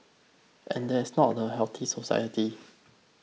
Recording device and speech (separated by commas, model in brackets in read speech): mobile phone (iPhone 6), read sentence